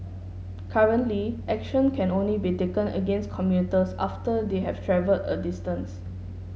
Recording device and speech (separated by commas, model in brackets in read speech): mobile phone (Samsung S8), read sentence